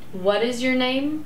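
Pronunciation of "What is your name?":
'What is your name?' is said with a falling intonation.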